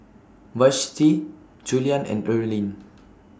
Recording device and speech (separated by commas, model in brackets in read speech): standing microphone (AKG C214), read sentence